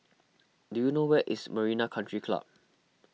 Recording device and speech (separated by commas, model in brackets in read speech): mobile phone (iPhone 6), read sentence